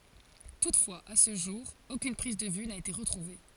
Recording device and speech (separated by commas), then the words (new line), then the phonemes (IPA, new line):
forehead accelerometer, read sentence
Toutefois, à ce jour, aucune prise de vue n'a été retrouvée.
tutfwaz a sə ʒuʁ okyn pʁiz də vy na ete ʁətʁuve